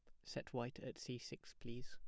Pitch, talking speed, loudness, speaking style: 125 Hz, 220 wpm, -50 LUFS, plain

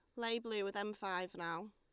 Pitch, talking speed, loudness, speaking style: 200 Hz, 235 wpm, -41 LUFS, Lombard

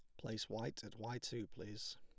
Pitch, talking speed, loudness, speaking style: 110 Hz, 205 wpm, -47 LUFS, plain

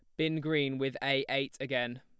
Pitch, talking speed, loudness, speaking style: 135 Hz, 200 wpm, -32 LUFS, plain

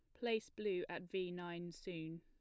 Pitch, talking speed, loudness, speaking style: 180 Hz, 180 wpm, -44 LUFS, plain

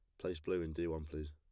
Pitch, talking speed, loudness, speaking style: 80 Hz, 320 wpm, -41 LUFS, plain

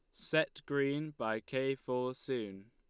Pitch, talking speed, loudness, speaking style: 130 Hz, 145 wpm, -36 LUFS, Lombard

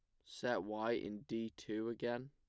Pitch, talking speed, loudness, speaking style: 115 Hz, 175 wpm, -42 LUFS, plain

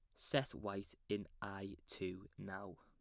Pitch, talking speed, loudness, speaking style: 100 Hz, 140 wpm, -45 LUFS, plain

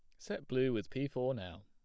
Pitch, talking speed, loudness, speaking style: 130 Hz, 250 wpm, -37 LUFS, plain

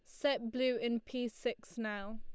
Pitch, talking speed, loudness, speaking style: 235 Hz, 185 wpm, -37 LUFS, Lombard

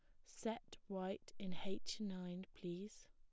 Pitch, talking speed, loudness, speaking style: 195 Hz, 125 wpm, -48 LUFS, plain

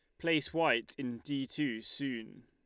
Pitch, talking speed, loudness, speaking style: 140 Hz, 160 wpm, -35 LUFS, Lombard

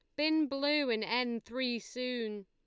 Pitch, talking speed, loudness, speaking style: 245 Hz, 160 wpm, -33 LUFS, Lombard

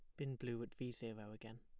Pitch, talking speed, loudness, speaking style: 115 Hz, 260 wpm, -48 LUFS, plain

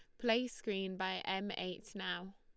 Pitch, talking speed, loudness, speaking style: 195 Hz, 165 wpm, -39 LUFS, Lombard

